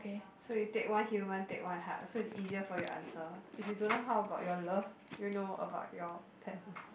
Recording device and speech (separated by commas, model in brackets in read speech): boundary microphone, conversation in the same room